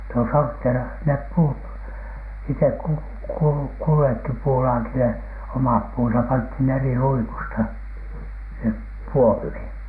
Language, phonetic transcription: Finnish, no sortteerah nep "puut , iteᵏ ku- , kul- , 'kullekki 'puulaakile omap puunsap 'panthin eri 'luikusta , (sin)nep "puomhìn .
- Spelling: no sortteerasi ne puut itse - - kullekin puulaakille omat puunsa pantiin eri luikusta sinne puomiin

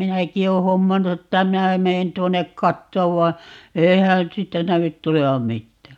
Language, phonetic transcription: Finnish, 'minäki oo 'hommannu 'että 'minä 'meen 'tuon̆nek "kattoov vai̮ , 'eihän̬ 'siittä 'nävyt 'tulevam "mittää .
- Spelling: minäkin olen hommannut että minä menen tuonne katsomaan vai eihän siitä näy tulevan mitään

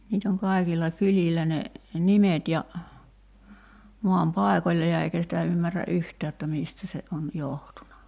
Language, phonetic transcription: Finnish, 'niit ‿oŋ 'kaikilla 'kyĺillä ne , "nimet ja , 'moam "pàekoĺĺa ja 'eikä sitä 'ymmär̆rä "’yhtää jotta 'miistä se on , 'johtuna .
- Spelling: niitä on kaikilla kylillä ne nimet ja maan paikoilla ja eikä sitä ymmärrä yhtään jotta mistä se on johtunut

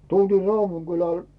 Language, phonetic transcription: Finnish, tultii RauvuŋGyläl .
- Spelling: tultiin Raudun kylälle

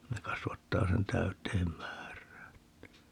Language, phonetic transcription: Finnish, ne 'kasvattaa sen 'täyt̆teem "määr̀ää (että) .
- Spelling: ne kasvattaa sen täyteen määrään että

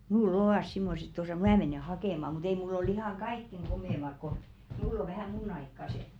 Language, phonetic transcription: Finnish, 'mul'l ‿ovàs simmoset tosà "mä menè 'hakèma mu't ‿ei mull ‿ol ‿ihaŋ "kaikkeŋ 'ɢomèmak ko , 'mull ‿o vähä̀ "muǹ ‿aikkase .
- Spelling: minulla ovat semmoiset tuossa minä menen hakemaan mutta ei minulla ole ihan kaikkein komeimmat kun minulla on vähän minun aikaiset

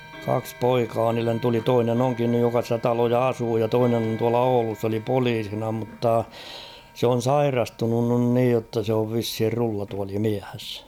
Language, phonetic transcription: Finnish, 'kaks "poikaa niillen tuli 'toinen ‿'oŋkin nyj joka ‿stä 'taloja "asuu ja "toinen ‿on tuala "Oulus s ‿oli 'poliisina mutta , 'se on̬ "sairastunun nyn 'niij jotta se ov 'vishir 'rullatuali"miäs .
- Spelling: kaksi poikaa niille tuli toinen onkin nyt joka sitä taloa asuu ja toinen on tuolla Oulussa se oli poliisina mutta se on sairastunut nyt niin jotta se on vissiin rullatuolimies

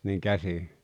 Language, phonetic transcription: Finnish, niiŋ "käsi ?
- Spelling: niin käsin

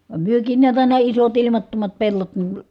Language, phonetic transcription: Finnish, vam myökiin niät àina isot ilimattomat pellot niə ,.
- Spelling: vaan mekin näet aina isot ilmattomat pellot -

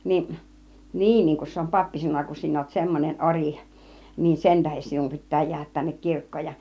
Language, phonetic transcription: Finnish, 'niin , niiŋ kun se om "pappi 'sanŏn̆na , » kun 'sin ‿òut 'semmonen "oriˀ , niin "sen 'tähen sinum pit̆tää 'jiähät tännek 'kirk̀kooj ja « .
- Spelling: niin niin kun se on pappi sanonut kun sinä olet semmoinen ori niin sen tähden sinun pitää jäädä tänne kirkkoon ja

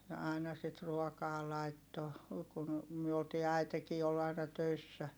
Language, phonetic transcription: Finnish, ja ài̮na sit ruɔkaa laitto , kun , myö oltii äi̮tekii ol aina töissä .
- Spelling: ja aina sitten ruokaa laittoi kun me oltiin äitikin oli aina töissä

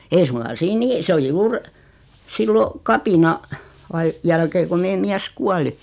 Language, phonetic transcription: Finnish, 'ei suŋka 'siin 'nii , 'sᵉ oli "juur , 'sillo , 'kapina- , -ai- , 'jälkee ku 'mee 'miäs "kuali .
- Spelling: ei suinkaan siinä niin se oli juuri silloin - kapinan jälkeen kun meidän mies kuoli

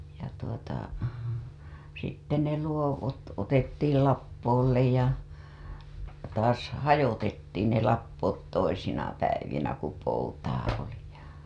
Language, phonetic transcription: Finnish, ja tuota , sitte ne luovot otettiil 'lappoollej ja , taas "hajotettiin ne lappoot toisina päivinä ku poutaa oli ja .
- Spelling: ja tuota sitten ne luokot otettiin lappoolle ja taas hajoitettiin ne lappoot toisina päivinä kun poutaa oli ja

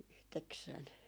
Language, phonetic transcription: Finnish, yhteksän- .
- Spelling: yhdeksän

